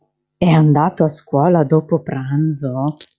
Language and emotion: Italian, surprised